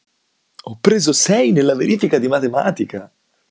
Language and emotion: Italian, happy